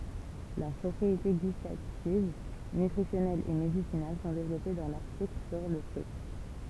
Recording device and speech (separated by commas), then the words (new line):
temple vibration pickup, read sentence
Leurs propriétés gustatives, nutritionnelles et médicinales sont développées dans l'article sur le fruit.